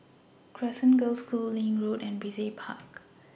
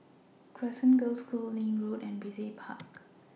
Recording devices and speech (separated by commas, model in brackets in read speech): boundary microphone (BM630), mobile phone (iPhone 6), read sentence